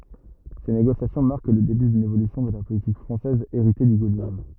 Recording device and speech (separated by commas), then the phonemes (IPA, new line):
rigid in-ear microphone, read sentence
se neɡosjasjɔ̃ maʁk lə deby dyn evolysjɔ̃ də la politik fʁɑ̃sɛz eʁite dy ɡolism